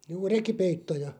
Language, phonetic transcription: Finnish, juu 'rekipeittoja ?
- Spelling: juu rekipeittoja

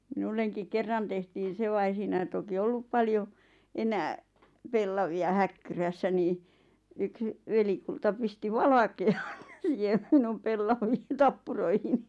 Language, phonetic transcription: Finnish, 'minulleŋkiŋ "kerran tehtiin̬ 'se va ei 'siinäi toki "ollup 'paljo , 'enää , "pellavi₍a "häkkyrässä nii , yks , 'velikulta pisti "valake₍an siihem minum 'pellaviin "tappuroihini .
- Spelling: minullekin kerran tehtiin se vaan ei siinä toki ollut paljon enää pellavia häkkyrässä niin yksi velikulta pisti valkean siihen minun pellaviin tappuroihini

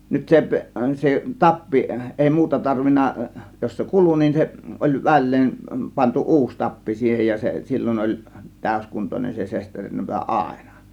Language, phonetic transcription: Finnish, nyt 'sep- , 'se "tappi ˀèi "muuta 'tarvin̆na , 'jos se "kulu nin se , ˀoĺ 'väl̆leen , 'pantu 'ˀuus 'tappi siihej ja , se "sil͕l͕oˀ ˀoĺ 'tä̀ö̇skuntonen se 'sesterinnapa "àėna .
- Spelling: nyt - se tappi ei muuta tarvinnut jos se kului niin se oli väleen pantu uusi tappi siihen ja se silloin oli täyskuntoinen se sesterinnapa aina

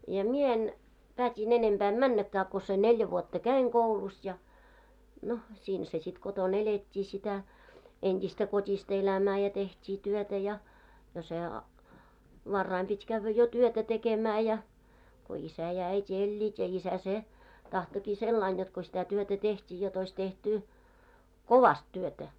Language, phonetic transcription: Finnish, ja 'mie en , pät́i'n ‿enemʙä em "männäkkää ko se 'neljä vuotta "käiŋ 'koulus ja , no , 'siinhä se sit 'koton "elet́t́i sitä , 'ent́istä 'kot́ista elämää ja teht́ii 'työtä ja , ja se , 'varraim pit́ kävvä 'jo 'työtä 'tekemää ja , ko 'isä ja äit́i 'eĺĺiit ja isä 'se , 'tahtoki "sellain jot ko sitä työtä 'teht́i jot ‿ois tehtu , "kovast työtä .
- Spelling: ja minä en päätin enempää en mennäkään kun sen neljä vuotta kävin koulussa ja no siinähän se sitten kotona elettiin sitä entistä kotista elämää ja tehtiin työtä ja ja se varhain piti käydä jo työtä tekemään ja kun isä ja äiti elivät ja isä se tahtoikin sillä lailla jotta kun sitä työtä tehtiin jotta olisi tehty kovasti työtä

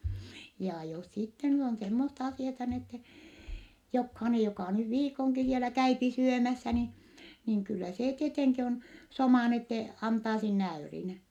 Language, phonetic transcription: Finnish, ja jos sitte nyt ‿on semmosta asiata , n ‿ette , jokhainej jokà nyv viikoŋki sielä käypi syömässä ni , niŋ kyllä see tieteŋki on , somà n ‿ette , antaa sinne äyrin .
- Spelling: ja jos sitten nyt on semmoista asiaa niin että jokainen joka nyt viikonkin siellä käy syömässä niin niin kyllä se tietenkin on soma niin että antaa sinne äyrin

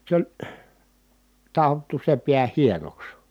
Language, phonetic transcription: Finnish, s ‿oĺ , ta₍ottu se piä hienoks .
- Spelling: se oli taottu se pää hienoksi

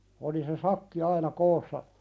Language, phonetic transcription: Finnish, oli se "sakki 'aina "koossa ,.
- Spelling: oli se sakki aina koossa

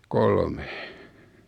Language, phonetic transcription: Finnish, 'kolme .
- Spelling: kolme

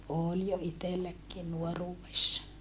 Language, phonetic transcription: Finnish, ool jo itelläkkii nuoruuwessa .
- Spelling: oli jo itselläkin nuoruudessa

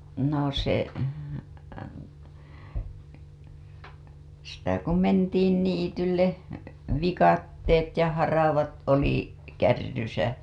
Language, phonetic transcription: Finnish, no se , sitä ku "mentiin 'niitylle , 'vikatteet ja 'haravat oli , kärrysä .
- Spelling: no se sitä kun mentiin niitylle viikatteet ja haravat oli kärryssä

